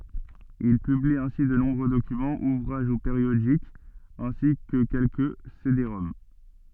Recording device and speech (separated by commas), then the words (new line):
soft in-ear microphone, read sentence
Il publie ainsi de nombreux documents, ouvrages ou périodiques, ainsi que quelques cédéroms.